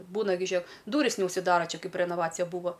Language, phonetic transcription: Lithuanian, ˈbūna gi ˈžiek ˈdūris neužsiˈdara ˈčia ˈkaip renoˈvacija ˈbūvo

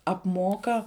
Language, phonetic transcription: Lithuanian, apˈmoka

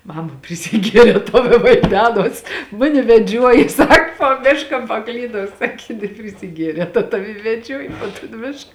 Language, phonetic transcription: Lithuanian, ˈmama prisiˈgierē ˈtau i vaiˈdenos ˈmuni veˈdžiuoji ˈsak puo ˈmiška paˈklydau ˈsakė je neprisiˈgierē tad ˈtavi i veˈdžiuoji po ton ˈmišk

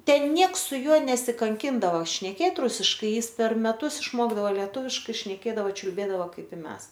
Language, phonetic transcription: Lithuanian, ˈten ˈnieks su ˈjuo nesikanˈkindava šneˈkėt ˈrusiškai ˈjis per meˈtus išˈmokdavo leˈtūviškai šneˈkėdavo čiulˈbėdavo ˈkaip i ˈmes

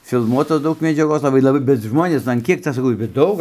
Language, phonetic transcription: Lithuanian, filˈmuotos ˈdaug medžiaˈgos laˈbai laˈbai bet ˈžmonės an ˈkiek ˈcia saˈkau bet ˈdaug

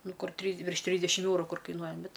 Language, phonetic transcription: Lithuanian, ˈnu ˈkur ˈtrys virš ˈtrysdešim ˈeuru ˈkur kaiˈnuoja ˈbet

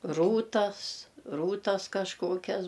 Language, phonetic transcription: Lithuanian, ˈrūtas ˈrūtas kažˈkokias

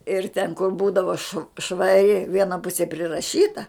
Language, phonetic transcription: Lithuanian, ir ten kur ˈbūdava šv švaˈri ˈviena ˈpusė priraˈšyta

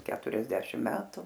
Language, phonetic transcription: Lithuanian, ˈketuriasdešim ˈmetu

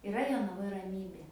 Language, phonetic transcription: Lithuanian, iˈra jonaˈvoj raˈmybė

